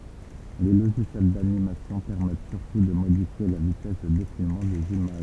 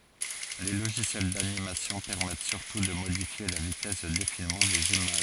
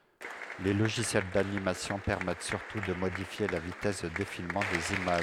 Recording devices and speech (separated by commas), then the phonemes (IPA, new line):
temple vibration pickup, forehead accelerometer, headset microphone, read sentence
le loʒisjɛl danimasjɔ̃ pɛʁmɛt syʁtu də modifje la vitɛs də defilmɑ̃ dez imaʒ